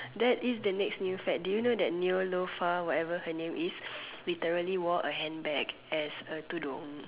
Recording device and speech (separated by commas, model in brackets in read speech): telephone, conversation in separate rooms